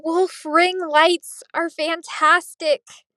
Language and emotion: English, fearful